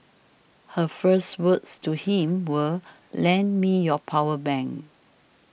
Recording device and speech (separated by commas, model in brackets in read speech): boundary microphone (BM630), read sentence